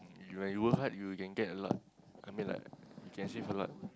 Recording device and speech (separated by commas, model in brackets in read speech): close-talking microphone, conversation in the same room